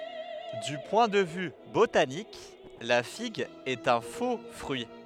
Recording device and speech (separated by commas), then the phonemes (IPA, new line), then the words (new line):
headset microphone, read sentence
dy pwɛ̃ də vy botanik la fiɡ ɛt œ̃ fo fʁyi
Du point de vue botanique, la figue est un faux-fruit.